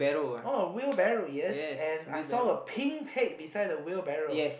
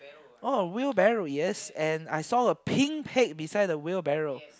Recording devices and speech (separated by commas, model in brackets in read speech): boundary microphone, close-talking microphone, conversation in the same room